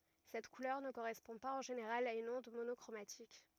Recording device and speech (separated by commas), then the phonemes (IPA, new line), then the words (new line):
rigid in-ear microphone, read sentence
sɛt kulœʁ nə koʁɛspɔ̃ paz ɑ̃ ʒeneʁal a yn ɔ̃d monɔkʁomatik
Cette couleur ne correspond pas en général à une onde monochromatique.